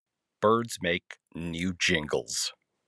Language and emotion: English, disgusted